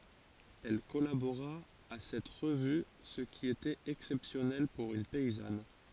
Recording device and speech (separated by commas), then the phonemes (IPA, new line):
forehead accelerometer, read sentence
ɛl kɔlaboʁa a sɛt ʁəvy sə ki etɛt ɛksɛpsjɔnɛl puʁ yn pɛizan